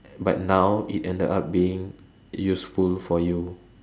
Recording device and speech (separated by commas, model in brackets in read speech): standing microphone, conversation in separate rooms